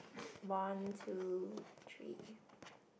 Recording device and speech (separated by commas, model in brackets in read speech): boundary microphone, conversation in the same room